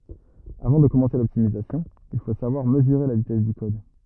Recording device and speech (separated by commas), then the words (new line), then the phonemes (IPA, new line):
rigid in-ear microphone, read sentence
Avant de commencer l'optimisation, il faut savoir mesurer la vitesse du code.
avɑ̃ də kɔmɑ̃se lɔptimizasjɔ̃ il fo savwaʁ məzyʁe la vitɛs dy kɔd